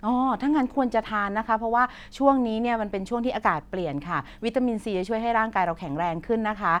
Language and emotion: Thai, neutral